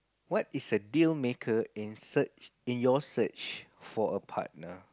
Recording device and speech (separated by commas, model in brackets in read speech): close-talking microphone, conversation in the same room